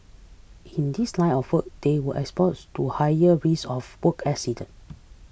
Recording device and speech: boundary microphone (BM630), read sentence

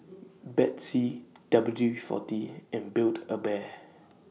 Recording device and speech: mobile phone (iPhone 6), read sentence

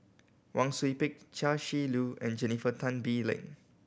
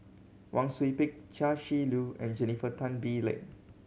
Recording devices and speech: boundary microphone (BM630), mobile phone (Samsung C7100), read sentence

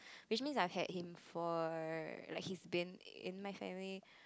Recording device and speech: close-talking microphone, conversation in the same room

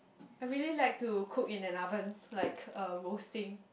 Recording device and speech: boundary microphone, conversation in the same room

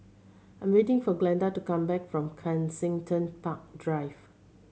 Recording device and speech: mobile phone (Samsung C7100), read sentence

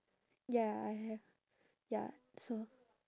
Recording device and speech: standing microphone, conversation in separate rooms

